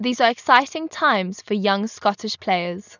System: none